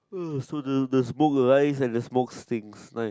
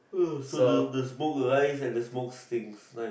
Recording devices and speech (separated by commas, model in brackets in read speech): close-talking microphone, boundary microphone, conversation in the same room